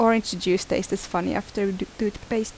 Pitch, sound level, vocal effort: 205 Hz, 78 dB SPL, normal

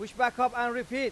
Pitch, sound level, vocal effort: 245 Hz, 102 dB SPL, very loud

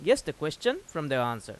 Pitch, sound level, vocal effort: 155 Hz, 91 dB SPL, loud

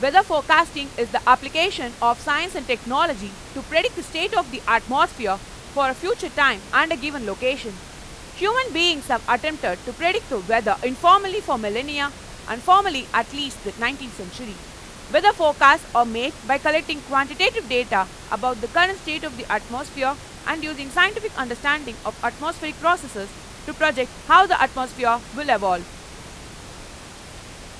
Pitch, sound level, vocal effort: 275 Hz, 99 dB SPL, very loud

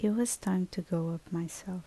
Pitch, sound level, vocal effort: 185 Hz, 72 dB SPL, soft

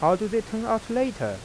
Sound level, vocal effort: 91 dB SPL, soft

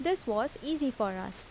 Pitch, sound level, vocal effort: 285 Hz, 81 dB SPL, normal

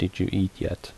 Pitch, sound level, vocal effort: 90 Hz, 72 dB SPL, soft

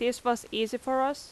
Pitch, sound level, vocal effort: 245 Hz, 86 dB SPL, loud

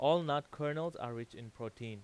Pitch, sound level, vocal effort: 120 Hz, 93 dB SPL, loud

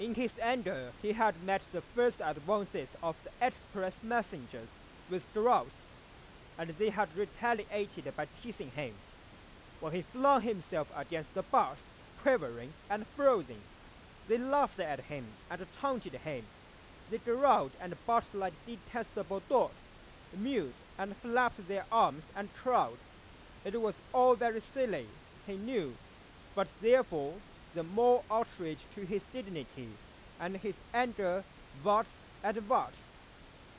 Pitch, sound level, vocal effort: 200 Hz, 98 dB SPL, very loud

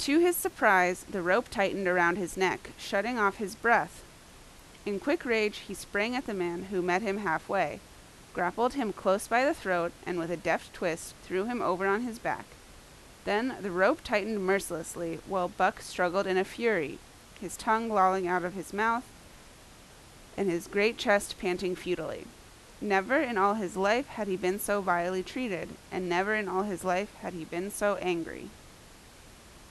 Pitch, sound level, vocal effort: 195 Hz, 86 dB SPL, very loud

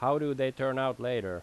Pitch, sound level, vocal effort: 130 Hz, 90 dB SPL, loud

